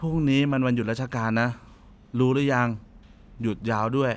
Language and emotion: Thai, neutral